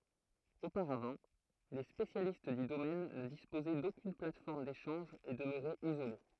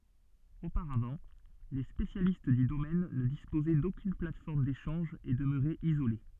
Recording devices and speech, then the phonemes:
throat microphone, soft in-ear microphone, read sentence
opaʁavɑ̃ le spesjalist dy domɛn nə dispozɛ dokyn platfɔʁm deʃɑ̃ʒ e dəmøʁɛt izole

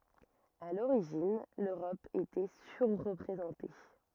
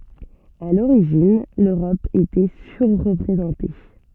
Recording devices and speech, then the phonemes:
rigid in-ear microphone, soft in-ear microphone, read sentence
a loʁiʒin løʁɔp etɛ syʁʁpʁezɑ̃te

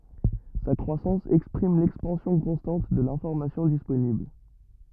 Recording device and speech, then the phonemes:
rigid in-ear microphone, read sentence
sa kʁwasɑ̃s ɛkspʁim lɛkspɑ̃sjɔ̃ kɔ̃stɑ̃t də lɛ̃fɔʁmasjɔ̃ disponibl

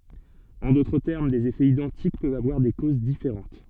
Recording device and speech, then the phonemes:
soft in-ear microphone, read sentence
ɑ̃ dotʁ tɛʁm dez efɛz idɑ̃tik pøvt avwaʁ de koz difeʁɑ̃t

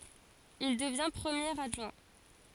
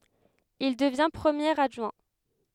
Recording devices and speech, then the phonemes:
forehead accelerometer, headset microphone, read sentence
il dəvjɛ̃ pʁəmjeʁ adʒwɛ̃

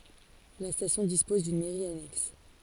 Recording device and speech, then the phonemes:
forehead accelerometer, read sentence
la stasjɔ̃ dispɔz dyn mɛʁi anɛks

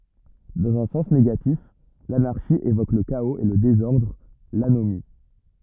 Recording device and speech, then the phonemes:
rigid in-ear microphone, read sentence
dɑ̃z œ̃ sɑ̃s neɡatif lanaʁʃi evok lə kaoz e lə dezɔʁdʁ lanomi

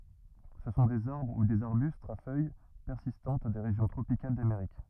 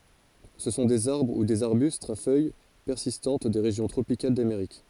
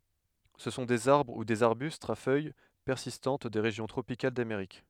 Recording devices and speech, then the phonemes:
rigid in-ear microphone, forehead accelerometer, headset microphone, read sentence
sə sɔ̃ dez aʁbʁ u dez aʁbystz a fœj pɛʁsistɑ̃t de ʁeʒjɔ̃ tʁopikal dameʁik

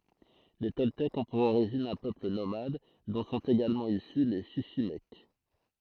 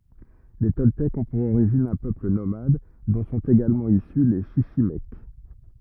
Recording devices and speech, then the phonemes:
throat microphone, rigid in-ear microphone, read sentence
le tɔltɛkz ɔ̃ puʁ oʁiʒin œ̃ pøpl nomad dɔ̃ sɔ̃t eɡalmɑ̃ isy le ʃiʃimɛk

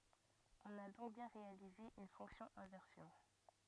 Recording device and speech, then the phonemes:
rigid in-ear microphone, read sentence
ɔ̃n a dɔ̃k bjɛ̃ ʁealize yn fɔ̃ksjɔ̃ ɛ̃vɛʁsjɔ̃

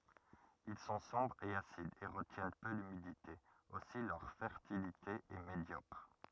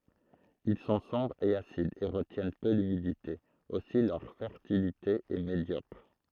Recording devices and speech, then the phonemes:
rigid in-ear microphone, throat microphone, read sentence
il sɔ̃ sɔ̃bʁz e asidz e ʁətjɛn pø lymidite osi lœʁ fɛʁtilite ɛ medjɔkʁ

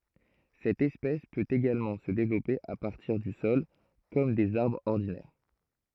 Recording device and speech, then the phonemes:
throat microphone, read sentence
sɛt ɛspɛs pøt eɡalmɑ̃ sə devlɔpe a paʁtiʁ dy sɔl kɔm dez aʁbʁz ɔʁdinɛʁ

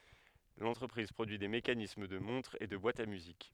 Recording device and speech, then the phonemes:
headset microphone, read sentence
lɑ̃tʁəpʁiz pʁodyi de mekanism də mɔ̃tʁz e də bwatz a myzik

